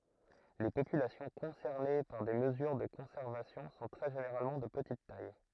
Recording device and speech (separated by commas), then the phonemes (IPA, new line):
throat microphone, read sentence
le popylasjɔ̃ kɔ̃sɛʁne paʁ de məzyʁ də kɔ̃sɛʁvasjɔ̃ sɔ̃ tʁɛ ʒeneʁalmɑ̃ də pətit taj